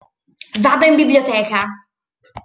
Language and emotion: Italian, angry